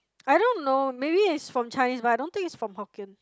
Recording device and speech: close-talking microphone, conversation in the same room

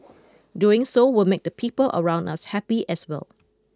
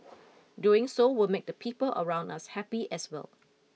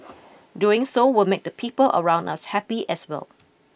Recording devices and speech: close-talking microphone (WH20), mobile phone (iPhone 6), boundary microphone (BM630), read sentence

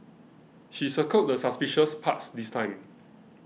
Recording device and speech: mobile phone (iPhone 6), read sentence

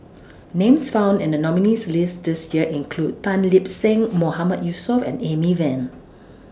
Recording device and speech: standing microphone (AKG C214), read sentence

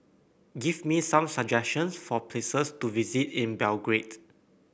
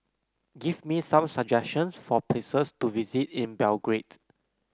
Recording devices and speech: boundary microphone (BM630), close-talking microphone (WH30), read sentence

